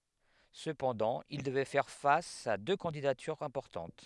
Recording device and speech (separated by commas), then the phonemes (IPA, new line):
headset microphone, read sentence
səpɑ̃dɑ̃ il dəvɛ fɛʁ fas a dø kɑ̃didatyʁz ɛ̃pɔʁtɑ̃t